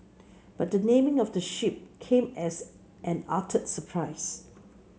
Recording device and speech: mobile phone (Samsung C7), read sentence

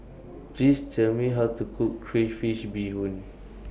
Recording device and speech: boundary microphone (BM630), read sentence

